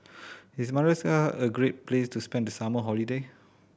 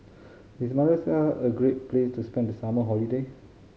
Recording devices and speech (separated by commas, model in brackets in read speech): boundary microphone (BM630), mobile phone (Samsung C5010), read sentence